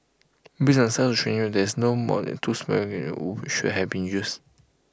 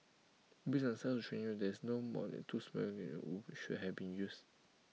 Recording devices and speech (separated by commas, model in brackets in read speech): close-talking microphone (WH20), mobile phone (iPhone 6), read sentence